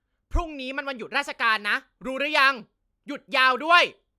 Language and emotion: Thai, angry